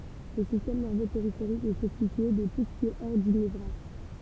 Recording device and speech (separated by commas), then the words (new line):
temple vibration pickup, read sentence
Le système nerveux périphérique est constitué de tout ce qui est hors du nevraxe.